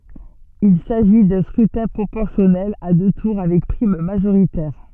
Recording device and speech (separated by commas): soft in-ear microphone, read sentence